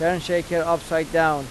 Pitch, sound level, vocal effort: 165 Hz, 92 dB SPL, loud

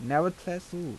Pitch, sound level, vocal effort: 175 Hz, 84 dB SPL, soft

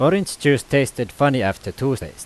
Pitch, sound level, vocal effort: 135 Hz, 90 dB SPL, loud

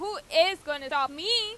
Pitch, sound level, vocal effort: 330 Hz, 99 dB SPL, very loud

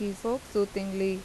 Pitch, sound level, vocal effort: 200 Hz, 85 dB SPL, normal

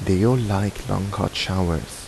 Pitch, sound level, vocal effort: 95 Hz, 78 dB SPL, soft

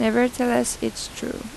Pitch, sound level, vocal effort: 240 Hz, 84 dB SPL, soft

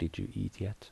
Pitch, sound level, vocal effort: 110 Hz, 71 dB SPL, soft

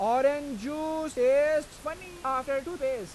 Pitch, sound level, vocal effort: 295 Hz, 99 dB SPL, very loud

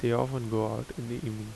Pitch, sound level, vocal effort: 115 Hz, 78 dB SPL, soft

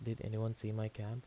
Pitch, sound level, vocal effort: 110 Hz, 76 dB SPL, soft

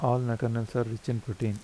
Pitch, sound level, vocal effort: 115 Hz, 80 dB SPL, soft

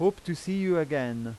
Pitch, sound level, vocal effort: 170 Hz, 91 dB SPL, loud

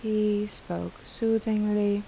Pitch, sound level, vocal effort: 210 Hz, 81 dB SPL, soft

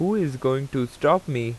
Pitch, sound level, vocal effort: 130 Hz, 87 dB SPL, normal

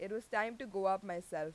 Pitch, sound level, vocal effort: 195 Hz, 91 dB SPL, loud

